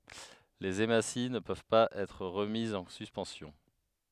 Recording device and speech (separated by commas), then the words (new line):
headset microphone, read sentence
Les hématies ne peuvent pas être remises en suspension.